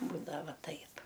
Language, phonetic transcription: Lithuanian, ˈbūdava ˈtaip

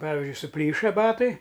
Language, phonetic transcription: Lithuanian, ˈpavizdžiui suˈplyša ˈbatai

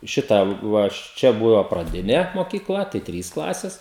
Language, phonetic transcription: Lithuanian, ˈšita ˈva aš ˈčia buva praˈdine mokyˈkla tai ˈtrys ˈklases

